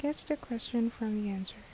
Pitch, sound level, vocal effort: 230 Hz, 73 dB SPL, soft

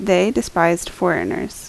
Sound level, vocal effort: 77 dB SPL, normal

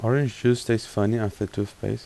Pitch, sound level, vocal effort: 115 Hz, 81 dB SPL, soft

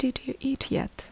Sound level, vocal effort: 69 dB SPL, soft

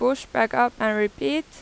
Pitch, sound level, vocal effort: 240 Hz, 90 dB SPL, loud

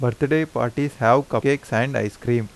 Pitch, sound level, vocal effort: 120 Hz, 86 dB SPL, normal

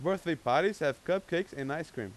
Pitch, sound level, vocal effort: 165 Hz, 94 dB SPL, loud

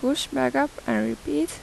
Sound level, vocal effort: 83 dB SPL, soft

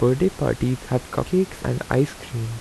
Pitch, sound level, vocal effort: 125 Hz, 81 dB SPL, soft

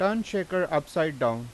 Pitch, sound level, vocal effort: 175 Hz, 91 dB SPL, loud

